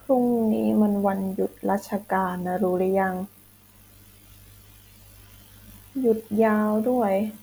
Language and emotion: Thai, sad